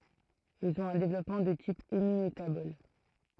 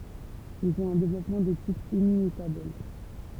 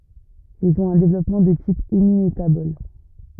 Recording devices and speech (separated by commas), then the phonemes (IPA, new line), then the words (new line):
throat microphone, temple vibration pickup, rigid in-ear microphone, read sentence
ilz ɔ̃t œ̃ devlɔpmɑ̃ də tip emimetabɔl
Ils ont un développement de type hémimétabole.